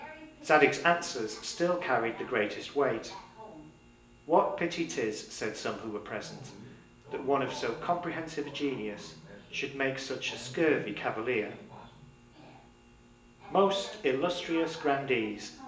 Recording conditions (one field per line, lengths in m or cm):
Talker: one person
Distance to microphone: 1.8 m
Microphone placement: close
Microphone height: 1.0 m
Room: large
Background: television